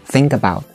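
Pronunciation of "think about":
In 'think about', the two words are linked together with no break between them.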